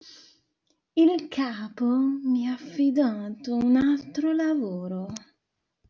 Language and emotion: Italian, disgusted